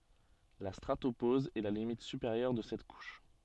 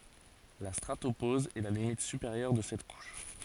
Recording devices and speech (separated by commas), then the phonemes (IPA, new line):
soft in-ear microphone, forehead accelerometer, read sentence
la stʁatopoz ɛ la limit sypeʁjœʁ də sɛt kuʃ